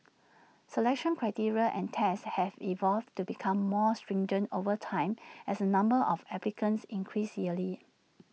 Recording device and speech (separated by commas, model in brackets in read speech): mobile phone (iPhone 6), read sentence